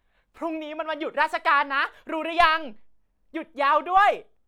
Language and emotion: Thai, happy